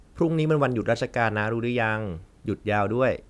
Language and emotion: Thai, neutral